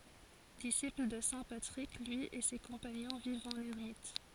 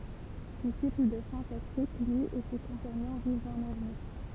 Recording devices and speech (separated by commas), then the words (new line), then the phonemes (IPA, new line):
forehead accelerometer, temple vibration pickup, read sentence
Disciples de saint Patrick, lui et ses compagnons vivent en ermites.
disipl də sɛ̃ patʁik lyi e se kɔ̃paɲɔ̃ vivt ɑ̃n ɛʁmit